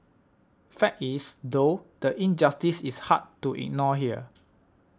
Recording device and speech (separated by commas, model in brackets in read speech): standing microphone (AKG C214), read sentence